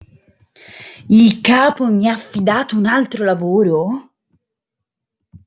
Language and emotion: Italian, surprised